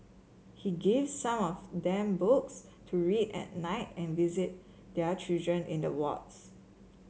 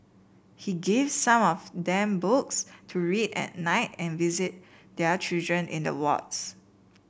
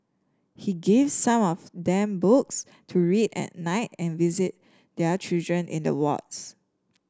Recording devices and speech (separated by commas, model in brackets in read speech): mobile phone (Samsung C7), boundary microphone (BM630), standing microphone (AKG C214), read sentence